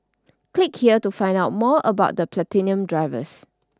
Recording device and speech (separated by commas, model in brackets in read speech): standing microphone (AKG C214), read sentence